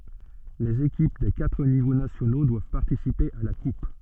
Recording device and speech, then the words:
soft in-ear microphone, read sentence
Les équipes des quatre niveaux nationaux doivent participer à la Coupe.

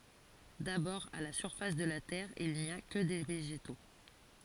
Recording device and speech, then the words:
forehead accelerometer, read sentence
D’abord à la surface de la terre il n’y a que des végétaux.

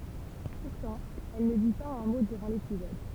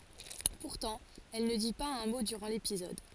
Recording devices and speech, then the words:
temple vibration pickup, forehead accelerometer, read sentence
Pourtant, elle ne dit pas un mot durant l'épisode.

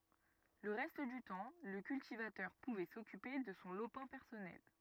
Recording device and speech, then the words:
rigid in-ear microphone, read sentence
Le reste du temps, le cultivateur pouvait s'occuper de son lopin personnel.

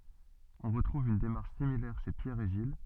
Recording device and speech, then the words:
soft in-ear microphone, read sentence
On retrouve une démarche similaire chez Pierre et Gilles.

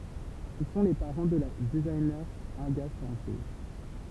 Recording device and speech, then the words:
temple vibration pickup, read sentence
Ils sont les parents de la designer Inga Sempé.

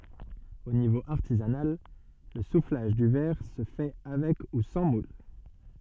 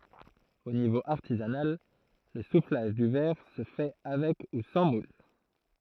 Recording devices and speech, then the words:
soft in-ear microphone, throat microphone, read sentence
Au niveau artisanal, le soufflage du verre se fait avec ou sans moule.

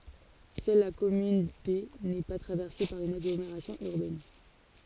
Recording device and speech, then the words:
forehead accelerometer, read sentence
Seule la commune D n’est pas traversée par une agglomération urbaine.

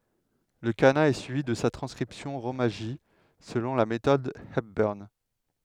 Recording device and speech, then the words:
headset microphone, read sentence
Le kana est suivi de sa transcription rōmaji selon la méthode Hepburn.

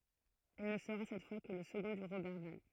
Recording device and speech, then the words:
throat microphone, read sentence
Il ne sera cette fois que le second de Roberval.

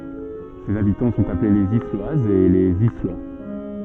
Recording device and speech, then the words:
soft in-ear microphone, read sentence
Ses habitants sont appelés les Isloises et les Islois.

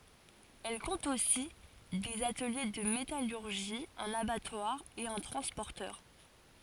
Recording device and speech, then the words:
forehead accelerometer, read sentence
Elle compte aussi des ateliers de métallurgie, un abattoir et un transporteur.

